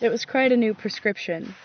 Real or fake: real